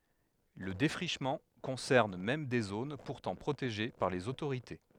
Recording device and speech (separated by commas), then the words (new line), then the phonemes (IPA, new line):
headset microphone, read sentence
Le défrichement concerne même des zones pourtant protégées par les autorités.
lə defʁiʃmɑ̃ kɔ̃sɛʁn mɛm de zon puʁtɑ̃ pʁoteʒe paʁ lez otoʁite